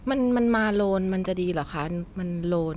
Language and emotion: Thai, neutral